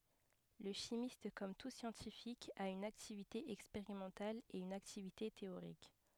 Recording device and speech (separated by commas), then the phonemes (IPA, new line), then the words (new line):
headset microphone, read sentence
lə ʃimist kɔm tu sjɑ̃tifik a yn aktivite ɛkspeʁimɑ̃tal e yn aktivite teoʁik
Le chimiste, comme tout scientifique, a une activité expérimentale et une activité théorique.